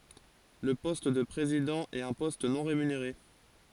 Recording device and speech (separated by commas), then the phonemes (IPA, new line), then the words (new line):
forehead accelerometer, read sentence
lə pɔst də pʁezidɑ̃ ɛt œ̃ pɔst nɔ̃ ʁemyneʁe
Le poste de président est un poste non rémunéré.